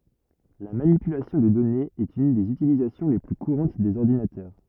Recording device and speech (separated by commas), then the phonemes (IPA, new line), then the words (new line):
rigid in-ear microphone, read sentence
la manipylasjɔ̃ də dɔnez ɛt yn dez ytilizasjɔ̃ le ply kuʁɑ̃t dez ɔʁdinatœʁ
La manipulation de données est une des utilisations les plus courantes des ordinateurs.